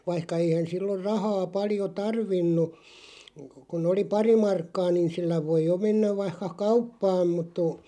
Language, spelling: Finnish, vaikka eihän silloin rahaa paljon tarvinnut kun oli pari markkaa niin sillä voi jo mennä vaikka kauppaan mutta -
- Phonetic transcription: 'vaihka 'eihän 'silloʳ "rahaa 'paljo "tarvinnu , kun ‿oli "pari 'markkaa niin̬ 'sillä voiʲ jo 'mennäv vaihka "kauppaam mut tu- ,.

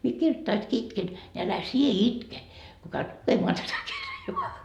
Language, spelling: Finnish, minä kirjoittaessakin itken niin älä sinä itke kun käyt lukemaan tätä kirjaa
- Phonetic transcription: mie 'kirttaiski 'itken , ni älä 'sie "itke , ko käyt 'lukemoa tätä 'kirjoa .

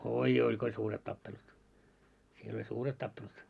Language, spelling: Finnish, oi oi kun oli suuret tappelut siellä oli suuret tappelut
- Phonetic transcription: 'oi'joi ko oĺ 'suuret 'tappelut , siel ‿oĺ "suuret 'tappelut .

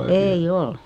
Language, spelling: Finnish, ei ole
- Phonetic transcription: 'ei "ol .

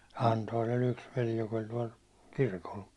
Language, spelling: Finnish, Anton oli yksi veli joka oli tuolla kirkolla
- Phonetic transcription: Antoon ‿o'l ‿yks veli , jok ‿oĺ tuål , 'kirkol .

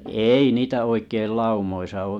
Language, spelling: Finnish, ei niitä oikein laumoissa ole
- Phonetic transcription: 'èi niitä 'oikeil 'laumoisa oo .

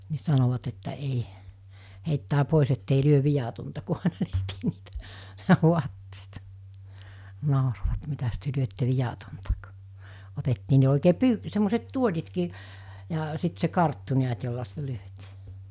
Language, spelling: Finnish, niin sanoivat että ei heittää pois että ei lyö viatonta kun aina tehtiin niitä vaatteita nauroivat mitäs te lyötte viatonta - otettiin ne oikein - semmoiset tuolitkin ja sitten se karttu näet jolla sitä lyötiin
- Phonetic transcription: ni 'sanovat että 'ei , heittää 'pòis ettei 'lyöv̆ 'vijatonta ku àina tehtii niitä 'vuatt(eita) , 'nàorovat » 'mitäs työ 'lyötte 'vijatonta « k- , 'otettii ne òikee "py- semmoset "tuoĺitkii , ja , sit se 'karttu 'niät jolla sitä 'lyötii .

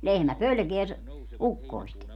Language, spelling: Finnish, lehmä pelkää - ukkosta
- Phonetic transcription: "lehmä "pölkeä ‿s- , "ukkoist .

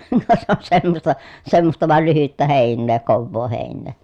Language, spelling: Finnish, no se on semmoista semmoista vain lyhyttä heinää kovaa heinää
- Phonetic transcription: no se on semmosta , semmosta vàel lyhyttä hèinnee kovvoo hèinnee .

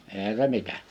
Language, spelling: Finnish, eihän se mitä
- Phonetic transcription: 'èihä se 'mitä .

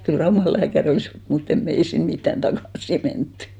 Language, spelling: Finnish, kyllä Raumalla lääkäri olisi ollut mutta emme me ei sinne mitään takaisin menty
- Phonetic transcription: kyl 'Raumal lääkä'r ‿olì's ‿ol , mutt ‿em 'mè (ei) 'sin mittän 'takàsi menttʏ .

